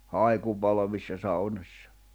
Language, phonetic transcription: Finnish, 'hài̬kupalavissa saunos̀sa .
- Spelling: haikupalvissa saunoissa

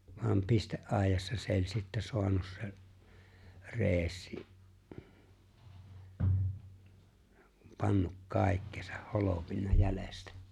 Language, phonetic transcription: Finnish, vam 'piste’'’àejassa se ‿o͕ĺ sittä 'soanus se , 'Re̬e̬ssi , kum 'pannuk "kàikkesa , "holopinna "jälestä .
- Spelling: vaan pisteaidassa se oli sitten saanut se Reessi kun pannut kaikkensa holpinut jäljestä

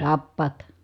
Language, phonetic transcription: Finnish, tappàt .
- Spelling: tappavat

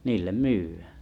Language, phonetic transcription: Finnish, niil̆lem 'myyv̆ᴀ̈ᴀ̈ .
- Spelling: niille myydään

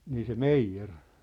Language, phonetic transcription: Finnish, 'nii se "meijjer .
- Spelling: niin se meijeri

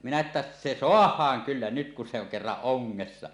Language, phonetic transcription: Finnish, minä että , » "se "soah̀aaŋ "kyllä nyt kun se oŋ 'kerraˀ 'ˀoŋŋessa « .
- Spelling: minä että se saadaan kyllä nyt kun se on kerran ongessa

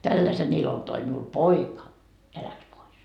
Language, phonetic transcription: Finnish, » 'tälläsen 'ilon toi miul "poika , ja 'läks "pois .
- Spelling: tällaisen ilon toi minulle poika ja lähti pois

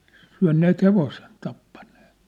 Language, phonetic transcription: Finnish, syä̭nneet 'hevosen , 'tappanɴᴇᴇ(t) .
- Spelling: syöneet hevosen tappaneet

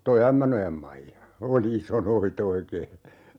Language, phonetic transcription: Finnish, 'toi "Ämmänojam 'Maija , 'oli "iso noi't ‿oikee .
- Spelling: tuo Ämmänojan Maija oli iso noita oikein

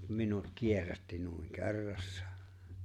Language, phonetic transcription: Finnish, mut "minut "kierrätti nuiŋ , "ke̬rrassᴀᴀ .
- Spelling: mutta minut kierrätti noin kerrassaan

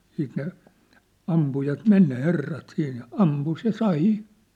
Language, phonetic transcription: Finnish, siit ne , 'ampujat 'men ne 'herrat 'siin ja , "ampus ja 'sa₍'ì !
- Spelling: sitten ne ampujat meni ne herrat siinä ja ampui ja sai

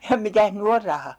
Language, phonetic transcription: Finnish, ja mitäh 'ny or 'raha !
- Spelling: ja mitäs nyt on raha

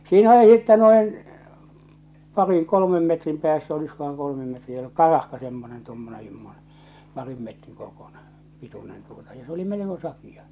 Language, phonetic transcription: Finnish, 'siinä se sittɛ noin , 'pariŋ 'kolomem metrim pᵉäässä oliskohaŋ 'kolomem metriä "karahka semmonen tommonen sḙmmone , 'parim metriŋ korkùɴᴇ , 'pitunen tuota ja se oli 'meleko 'sakija .
- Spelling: siinä se sitten noin parin kolmen metrin päässä olisikohan kolmen metriä karahka semmoinen tuommoinen semmoinen parin metrin korkuinen pituinen tuota ja se oli melko sakea

